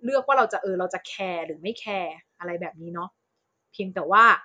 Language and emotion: Thai, neutral